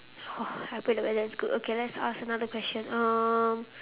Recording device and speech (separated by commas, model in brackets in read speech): telephone, conversation in separate rooms